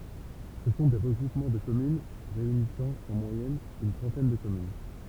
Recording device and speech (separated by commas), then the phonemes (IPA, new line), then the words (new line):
temple vibration pickup, read sentence
sə sɔ̃ de ʁəɡʁupmɑ̃ də kɔmyn ʁeynisɑ̃ ɑ̃ mwajɛn yn tʁɑ̃tɛn də kɔmyn
Ce sont des regroupements de communes réunissant en moyenne une trentaine de communes.